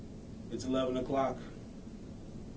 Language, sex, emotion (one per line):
English
male
neutral